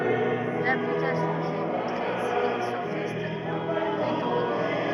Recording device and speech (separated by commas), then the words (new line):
rigid in-ear microphone, read sentence
L'application qui est montrée ici est sophiste non rhétorique.